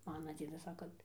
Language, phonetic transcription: Lithuanian, ˈmana ˈdziedas ˈsaka

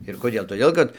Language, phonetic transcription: Lithuanian, ir koˈdėl toˈdėl kad

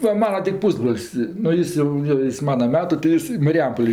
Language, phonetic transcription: Lithuanian, ˈva ˈmana ti ˈpūsbrol's' nu ˈjis jau jo ˈjis ˈmana ˈmetu tai ˈjis i mariˈjampolė

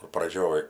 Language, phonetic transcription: Lithuanian, kur praˈdžioj

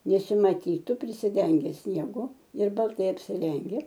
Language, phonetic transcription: Lithuanian, nesimaˈtytu prisiˈdenge snieˈgu ir balˈtai apsiˈrenge

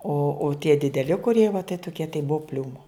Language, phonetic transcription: Lithuanian, o o tie dideˈli kuˈrie va tai toˈkie tai ˈbuvo ˈpliūmo

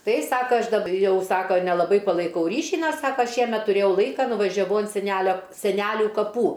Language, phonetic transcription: Lithuanian, ˈtai ˈsaka ˈaš dab ˈjau ˈsako nelaˈbai palaiˈkau ˈryšį ˈnes ˈsaka ˈšiemet tuˈrėjau ˈlaika nuvažiaˈvau ant seˈnælio seˈnæliu kaˈpų

